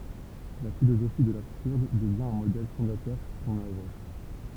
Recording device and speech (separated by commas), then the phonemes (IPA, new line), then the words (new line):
temple vibration pickup, read sentence
la filozofi də labsyʁd dəvjɛ̃ œ̃ modɛl fɔ̃datœʁ puʁ sɔ̃n œvʁ
La philosophie de l'absurde devient un modèle fondateur pour son œuvre.